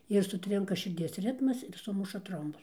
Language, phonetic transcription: Lithuanian, ir suˈtrinka širˈdies ˈritmas ir ˈsumuša ˈtrombus

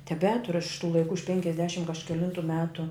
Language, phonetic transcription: Lithuanian, teˈbeturu aš iš tų laiˈkų iš penkiasˈdešim kažkeˈlintu ˈmetu

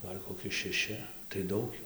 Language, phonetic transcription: Lithuanian, ˈgal' koˈki šeˈši tai ˈdaug ˈjų

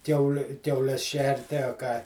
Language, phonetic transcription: Lithuanian, ˈkiauli kiauˈles ˈšerti a ką

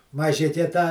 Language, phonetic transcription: Lithuanian, maˈžike tą

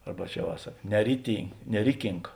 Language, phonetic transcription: Lithuanian, ˈarba ˈčia va ˈsak neritin neˈrikink

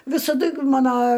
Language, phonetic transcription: Lithuanian, visaˈdu ˈmano

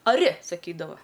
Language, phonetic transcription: Lithuanian, aˈri saˈkydava

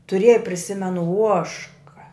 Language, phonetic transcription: Lithuanian, tuˈrėja priˈsimenu ˈuožka

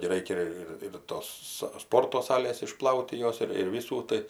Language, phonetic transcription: Lithuanian, gi ˈraikia ir ir ˈtos sa ˈsporto ˈsalės iˈšplaut' ti ˈjos ir ir ˈvysų ˈtai

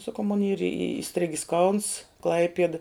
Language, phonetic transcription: Lithuanian, saˈkau mon yr i iˈstrigis kauns ˈklaipieda

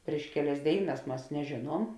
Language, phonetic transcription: Lithuanian, prieš ˈkeˌlias ˈdėiˌnas ˈmas neˈžėˌnuom

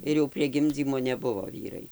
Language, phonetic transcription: Lithuanian, ir jau prie ˈgimdzymo neˈbuvo ˈvyrai

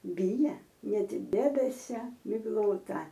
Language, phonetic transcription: Lithuanian, ˈbija ˈnet ˈdebesia migˈlota

